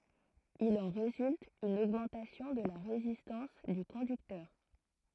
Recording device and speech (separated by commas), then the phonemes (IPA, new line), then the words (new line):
throat microphone, read sentence
il ɑ̃ ʁezylt yn oɡmɑ̃tasjɔ̃ də la ʁezistɑ̃s dy kɔ̃dyktœʁ
Il en résulte une augmentation de la résistance du conducteur.